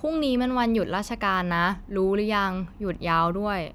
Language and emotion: Thai, neutral